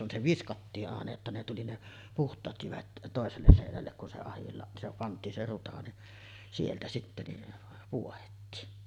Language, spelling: Finnish, kun se viskattiin aina jotta ne tuli ne puhtaat jyvät toiselle seinälle kun se - se pantiin se ruta niin sieltä sitten niin pohdettiin
- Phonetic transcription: kun se "viskattii’ '’àena jotta ne tuli 'ne , "puht̆taat 'jyvät , 'tòeselles sèinällek kun se ahilla-ˀ , se 'pant̆tiin se 'ruta ni , 'sieltä sittä ni , 'puohettiin .

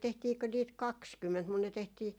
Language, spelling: Finnish, tehtiinkö niitä kaksikymmentä mutta ne tehtiin
- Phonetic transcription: 'tehtiikö niit "kakskymment mun ne 'tehtii ,.

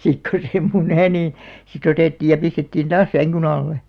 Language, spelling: Finnish, sitten kun se muni niin sitten otettiin ja pistettiin taas sängyn alle
- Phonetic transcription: sik ko se 'munè nì , si't ‿otèttiij ja 'pistettiin "taas 'säŋkyn ‿alle .

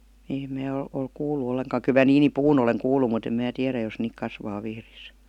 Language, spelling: Finnish, niin en minä ole ole kuullut ollenkaan kyllä minä niinipuun olen kuullut mutta en minä tiedä jos niitä kasvaa Vihdissä
- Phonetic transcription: (nii em) 'mää ol , ol "kuulu 'olleŋkaa kyˡ mä 'niini"puun ‿oleŋ 'kuul̆lu mut ‿em mää 'tiärä jos niik 'kasvaa 'Vihris .

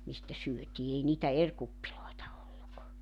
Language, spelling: Finnish, mistä syötiin ei niitä eri kuppeja ollut
- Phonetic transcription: 'mistä 'syöt́ii 'ei niitä "er 'kuppiloeta 'olluk .

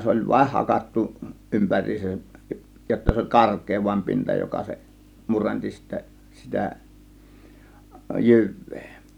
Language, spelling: Finnish, se oli vain hakattu ympäriinsä jotta se oli karkea vain pinta joka se murensi sitten sitä jyvää
- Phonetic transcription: 'se oĺ "vaⁱh 'hakattu , 'ˀympär̀iisäj jotta se oĺ "kark̆kee vaim 'pinta joka se , 'murenti sittä sitä , "jyv̆vEE .

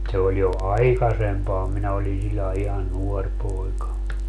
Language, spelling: Finnish, se oli jo aikaisempaa minä olin sellainen ihan nuori poika
- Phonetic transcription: se oj jo "aiksempaa 'minä oli 'siĺlae ihan "nuor 'poika .

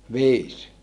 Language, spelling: Finnish, viisi
- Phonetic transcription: viis .

